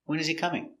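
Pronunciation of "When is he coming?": "When" is stressed, "he" is unstressed with its h silent, and the voice goes down at the end.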